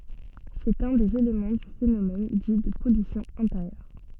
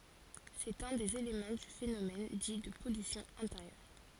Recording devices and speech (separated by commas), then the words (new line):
soft in-ear microphone, forehead accelerometer, read sentence
C'est un des éléments du phénomène dit de pollution intérieure.